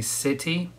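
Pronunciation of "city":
'City' has a very, very careful pronunciation here: the t is not said as a flap, which is unusual for American or Canadian speech.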